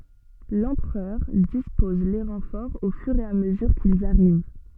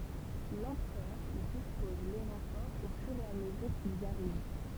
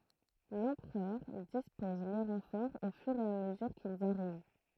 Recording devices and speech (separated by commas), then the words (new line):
soft in-ear microphone, temple vibration pickup, throat microphone, read sentence
L’Empereur dispose les renforts au fur et à mesure qu’ils arrivent.